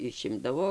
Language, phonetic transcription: Lithuanian, iˈšimdavo

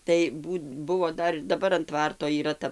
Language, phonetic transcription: Lithuanian, tai ˈbūt ˈbuvo ˈdar ir daˈbar an ˈtvarto yˈra ˈta

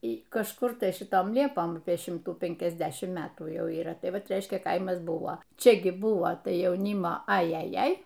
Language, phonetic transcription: Lithuanian, y kažˈkur tai šiˈtom ˈliepom ˈapieˈ šimtų penkiasˈdešim ˈmetų ˈjau yˈra ˈtai ˈvat ˈreiškia ˈkaimas ˈbuvo ˈčia gi ˈbuvo ˈtai jauˈnymo ajaˈjai

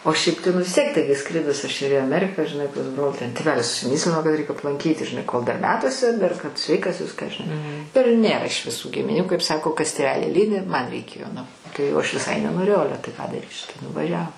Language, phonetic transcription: Lithuanian, o ˈšiaip tai nu vis ˈtiek ˈtaigi ˈskridus aš ir į aˈmerika žiˈnai pas ˈbrol ten tėˈvelis užsiˈmyslino kad reik aplanˈkyti žiˈnai kol dar ˈmetuose dar kad ˈsveikas ˈviską žiˈnai ir ˈnėra iš viˈsų gimiˈnių kaip ˈsako ˈkas tėˈveli ˈlydi ˈman' reiˈkėjo nu ˈtai jau ˈaš viˈsai nenoˈrėjau ˈale tai ką daˈrysi tai nuvaˈžiavo

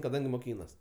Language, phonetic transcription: Lithuanian, kaˈdangi moˈkynas

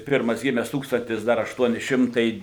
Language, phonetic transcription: Lithuanian, ˈpirmas ˈgimes ˈtūkstantis ˈdar ašˈtuoni ˈšimtai

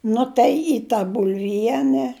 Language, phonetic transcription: Lithuanian, ˈnu tai į ta bulˈviene

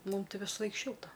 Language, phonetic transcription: Lithuanian, ˈmumˈtai visaˈlaik ˈšilta

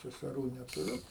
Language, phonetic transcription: Lithuanian, seseˈrų netuˈriu

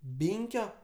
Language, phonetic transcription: Lithuanian, ˈbynkio

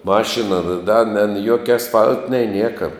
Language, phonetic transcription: Lithuanian, ˈmašina da ne n ˈjuokia asˈfal't' nei ˈnieka

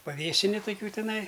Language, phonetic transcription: Lithuanian, paˈvėsini toˈkių tiˈnai

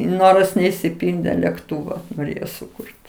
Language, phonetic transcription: Lithuanian, ˈnoras neišsiˈpildė lekˈtūva noˈrėjo suˈkur't'

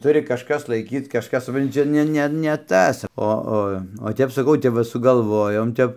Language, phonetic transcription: Lithuanian, ˈturi kažˈkas laiˈkyt kažˈkas supˈranti ˈčia ˈne ˈne ne ˈtas ˈo ˈo o ˈtep saˈkau ˈtep va sugalˈvojom ˈtep

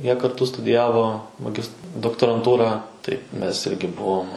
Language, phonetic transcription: Lithuanian, ˈjie karˈtu studiˈjavo maˈgist doktoranˈtūrą tai ˈmes ˈirgi ˈbuvom

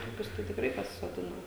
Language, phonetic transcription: Lithuanian, ˈtokius tai tikˈrai pasisoˈdina

